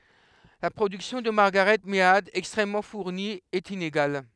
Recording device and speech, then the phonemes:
headset microphone, read sentence
la pʁodyksjɔ̃ də maʁɡaʁɛt mead ɛkstʁɛmmɑ̃ fuʁni ɛt ineɡal

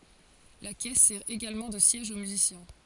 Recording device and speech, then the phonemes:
forehead accelerometer, read sentence
la kɛs sɛʁ eɡalmɑ̃ də sjɛʒ o myzisjɛ̃

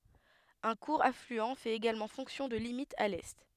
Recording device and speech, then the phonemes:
headset microphone, read sentence
œ̃ kuʁ aflyɑ̃ fɛt eɡalmɑ̃ fɔ̃ksjɔ̃ də limit a lɛ

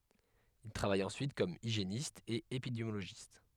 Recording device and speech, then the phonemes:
headset microphone, read sentence
il tʁavaj ɑ̃syit kɔm iʒjenist e epidemjoloʒist

